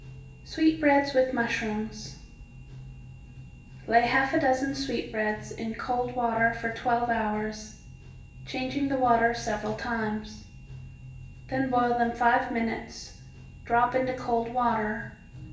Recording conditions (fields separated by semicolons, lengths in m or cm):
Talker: one person; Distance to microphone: 1.8 m; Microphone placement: close; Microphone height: 1.0 m; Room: large; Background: music